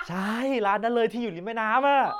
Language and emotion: Thai, happy